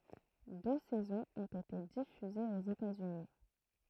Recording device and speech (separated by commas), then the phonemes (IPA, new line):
throat microphone, read sentence
dø sɛzɔ̃z ɔ̃t ete difyzez oz etatsyni